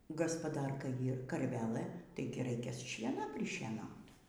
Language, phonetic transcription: Lithuanian, gaspaˈdarka ˈyr karˈvelɘ ˈtaigi ˈraikia ˈšiena prišieˈnaut

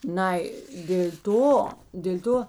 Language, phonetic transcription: Lithuanian, ˈnai dėl' ˈto dėl' ˈto

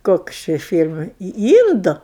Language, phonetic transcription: Lithuanian, ˈkoks ˈči ˈfyl'mai į ˈyndu

